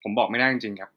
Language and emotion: Thai, neutral